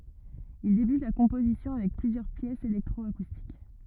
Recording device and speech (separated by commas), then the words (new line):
rigid in-ear microphone, read sentence
Il débute la composition avec plusieurs pièces électro-acoustiques.